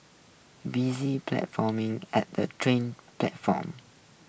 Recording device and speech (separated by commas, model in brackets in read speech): boundary microphone (BM630), read sentence